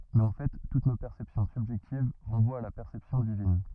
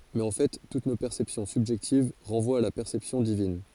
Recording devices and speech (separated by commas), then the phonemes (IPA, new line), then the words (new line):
rigid in-ear microphone, forehead accelerometer, read sentence
mɛz ɑ̃ fɛ tut no pɛʁsɛpsjɔ̃ sybʒɛktiv ʁɑ̃vwat a la pɛʁsɛpsjɔ̃ divin
Mais en fait toutes nos perceptions subjectives renvoient à la perception divine.